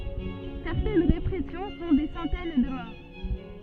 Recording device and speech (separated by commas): soft in-ear microphone, read sentence